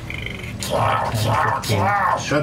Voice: high-pitched voice